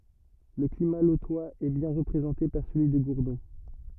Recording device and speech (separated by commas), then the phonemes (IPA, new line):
rigid in-ear microphone, read sentence
lə klima lotwaz ɛ bjɛ̃ ʁəpʁezɑ̃te paʁ səlyi də ɡuʁdɔ̃